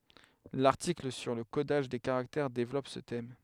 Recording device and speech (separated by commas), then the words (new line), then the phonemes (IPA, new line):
headset microphone, read sentence
L'article sur le codage des caractères développe ce thème.
laʁtikl syʁ lə kodaʒ de kaʁaktɛʁ devlɔp sə tɛm